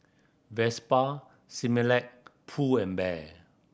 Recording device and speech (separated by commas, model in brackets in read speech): boundary microphone (BM630), read sentence